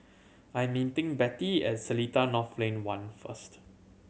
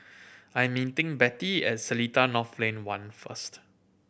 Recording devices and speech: mobile phone (Samsung C7100), boundary microphone (BM630), read sentence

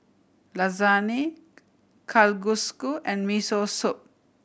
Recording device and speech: boundary microphone (BM630), read sentence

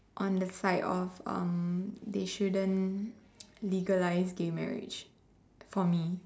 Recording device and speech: standing microphone, conversation in separate rooms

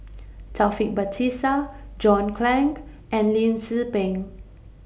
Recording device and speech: boundary microphone (BM630), read sentence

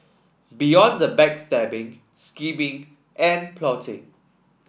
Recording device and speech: boundary microphone (BM630), read sentence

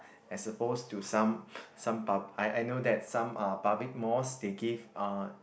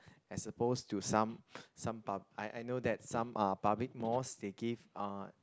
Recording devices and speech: boundary microphone, close-talking microphone, conversation in the same room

